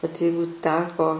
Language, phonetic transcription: Lithuanian, vat ˈjeigu ˈteko

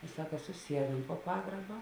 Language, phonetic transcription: Lithuanian, i ˈsaka suˈsieduom po ˈpagraba

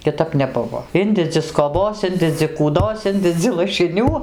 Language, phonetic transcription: Lithuanian, kiˈtap neˈbuvo ˈindedzi skoˈbos ˈindedzi kūˈdos ˈindedzi lašiˈnių

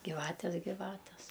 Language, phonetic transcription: Lithuanian, giˈvates giˈvates

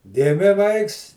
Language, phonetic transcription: Lithuanian, ˈgimi ˈvaiks

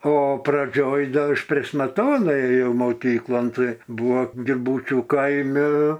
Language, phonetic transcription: Lithuanian, o praˈdžioj ˈda ˈaš prėš smeˈtonai ėˈjau moˈkyklon ˈtai ˈbūvo giˈbūčių ˈkaimi

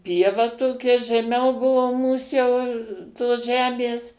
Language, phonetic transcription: Lithuanian, ˈpieva ˈtokia žeˈmiau ˈbuvo ˈmūs jau tos ˈžemės

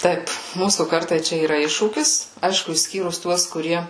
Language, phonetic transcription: Lithuanian, ˈtaip ˈmūsų ˈkartai ˈčia yˈra ˈiššūkis ˈaišku išˈskyrus ˈtuos kuˈrie

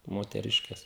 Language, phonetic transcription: Lithuanian, moteˈriškes

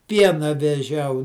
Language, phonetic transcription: Lithuanian, ˈpiena veˈžiau

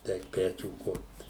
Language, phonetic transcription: Lithuanian, ˈeik ˈpečių ˈkurt

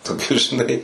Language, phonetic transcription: Lithuanian, toˈkius žiˈnai

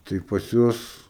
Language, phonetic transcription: Lithuanian, ˈtai pas ˈjuos

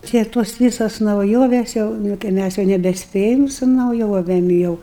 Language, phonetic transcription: Lithuanian, ˈtie tos ˈvysos nauˈjovės ˈjau nu kai ˈmæs jau nebeˈspėjam su nauˈjovėm jau

